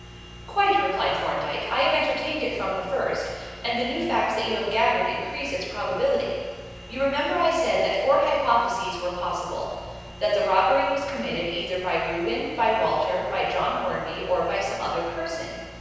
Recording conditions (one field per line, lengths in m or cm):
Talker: one person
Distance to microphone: 7.1 m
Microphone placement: far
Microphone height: 1.7 m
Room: very reverberant, large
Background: none